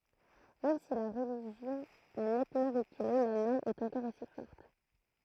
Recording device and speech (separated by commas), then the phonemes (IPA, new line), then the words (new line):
throat microphone, read sentence
mɛm si la ʁəliʒjɔ̃ a nɛtmɑ̃ ʁəkyle la nɔʁm ɛt ɑ̃kɔʁ osi fɔʁt
Même si la religion a nettement reculé, la norme est encore aussi forte.